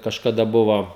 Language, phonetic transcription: Lithuanian, kažkaˈda ˈbuvo

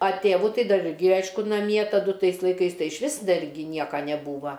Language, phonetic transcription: Lithuanian, a ˈtėvu ˈtai ˈdar ˈirgi ˈaišku naˈmie taˈdu ˈtais laiˈkais ˈtai išˈvis ˈdar gi ˈnieka neˈbūva

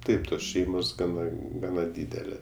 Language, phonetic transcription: Lithuanian, ˈtaip ˈtos ˈšeimos ˈgana ˈgana ˈdydelė

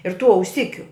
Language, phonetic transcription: Lithuanian, ir tų auˈsikiu

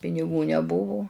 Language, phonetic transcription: Lithuanian, piniˈgų neˈbuvu

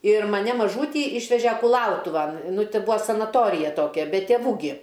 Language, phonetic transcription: Lithuanian, ir maˈne maˈžūtį ˈyšveže kuˈlautuvan ˈnu ˈti ˈbua sanaˈtorija ˈtokia be tėˈvų gi

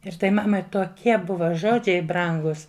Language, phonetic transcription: Lithuanian, ir ˈtai ˈmamai toˈkie ˈbuva ˈžodžiai ˈbrangus

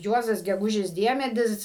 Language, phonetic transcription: Lithuanian, ˈjuozas geˈgužis ˈdiemedis

